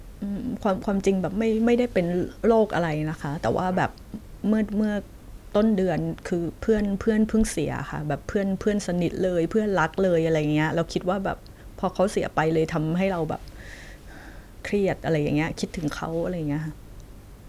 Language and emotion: Thai, sad